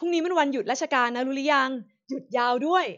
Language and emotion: Thai, happy